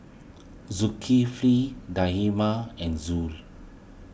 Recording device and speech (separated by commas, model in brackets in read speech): boundary microphone (BM630), read sentence